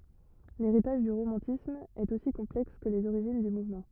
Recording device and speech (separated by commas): rigid in-ear microphone, read sentence